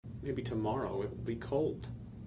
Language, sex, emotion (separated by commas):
English, male, neutral